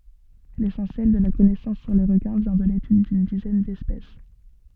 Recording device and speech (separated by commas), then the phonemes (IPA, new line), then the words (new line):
soft in-ear microphone, read sentence
lesɑ̃sjɛl də la kɔnɛsɑ̃s syʁ le ʁəkɛ̃ vjɛ̃ də letyd dyn dizɛn dɛspɛs
L'essentiel de la connaissance sur les requins vient de l’étude d’une dizaine d’espèces.